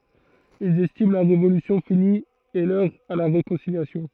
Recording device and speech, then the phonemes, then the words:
throat microphone, read sentence
ilz ɛstim la ʁevolysjɔ̃ fini e lœʁ a la ʁekɔ̃siljasjɔ̃
Ils estiment la Révolution finie et l'heure à la réconciliation.

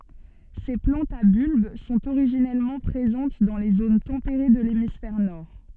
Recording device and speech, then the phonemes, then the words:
soft in-ear microphone, read sentence
se plɑ̃tz a bylb sɔ̃t oʁiʒinɛlmɑ̃ pʁezɑ̃t dɑ̃ le zon tɑ̃peʁe də lemisfɛʁ nɔʁ
Ces plantes à bulbe sont originellement présentes dans les zones tempérées de l'hémisphère nord.

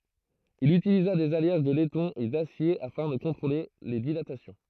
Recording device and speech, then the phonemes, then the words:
throat microphone, read sentence
il ytiliza dez aljaʒ də lɛtɔ̃ e dasje afɛ̃ də kɔ̃tʁole le dilatasjɔ̃
Il utilisa des alliages de laiton et d'acier afin de contrôler les dilatations.

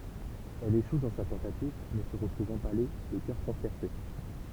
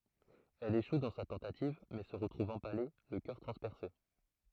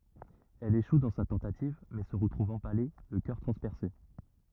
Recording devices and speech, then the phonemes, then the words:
temple vibration pickup, throat microphone, rigid in-ear microphone, read sentence
ɛl eʃu dɑ̃ sa tɑ̃tativ mɛ sə ʁətʁuv ɑ̃pale lə kœʁ tʁɑ̃spɛʁse
Elle échoue dans sa tentative, mais se retrouve empalée, le cœur transpercé.

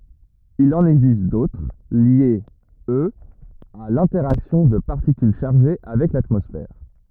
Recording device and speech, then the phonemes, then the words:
rigid in-ear microphone, read sentence
il ɑ̃n ɛɡzist dotʁ ljez øz a lɛ̃tɛʁaksjɔ̃ də paʁtikyl ʃaʁʒe avɛk latmɔsfɛʁ
Il en existe d'autres, liés, eux, à l'interaction de particules chargées avec l'atmosphère.

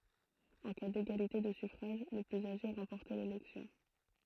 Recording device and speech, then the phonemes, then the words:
throat microphone, read sentence
ɑ̃ ka deɡalite də syfʁaʒ lə plyz aʒe ʁɑ̃pɔʁtɛ lelɛksjɔ̃
En cas d'égalité de suffrages, le plus âgé remportait l'élection.

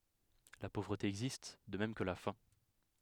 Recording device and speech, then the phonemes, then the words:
headset microphone, read sentence
la povʁəte ɛɡzist də mɛm kə la fɛ̃
La pauvreté existe, de même que la faim.

